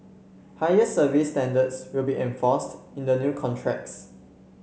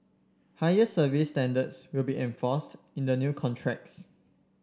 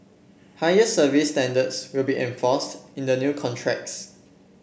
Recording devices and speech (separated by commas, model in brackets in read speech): mobile phone (Samsung C7), standing microphone (AKG C214), boundary microphone (BM630), read sentence